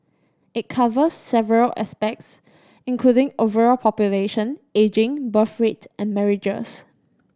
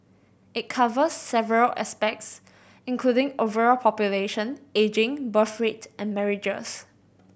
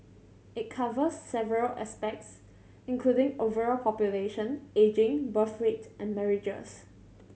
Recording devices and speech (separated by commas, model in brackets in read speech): standing microphone (AKG C214), boundary microphone (BM630), mobile phone (Samsung C7100), read sentence